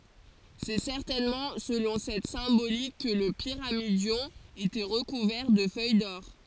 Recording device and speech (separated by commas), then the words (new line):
forehead accelerometer, read sentence
C'est certainement selon cette symbolique que le pyramidion était recouvert de feuilles d'or.